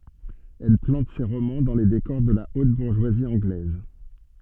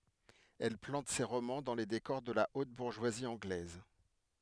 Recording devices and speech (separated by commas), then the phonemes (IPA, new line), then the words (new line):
soft in-ear microphone, headset microphone, read sentence
ɛl plɑ̃t se ʁomɑ̃ dɑ̃ le dekɔʁ də la ot buʁʒwazi ɑ̃ɡlɛz
Elle plante ses romans dans les décors de la haute bourgeoisie anglaise.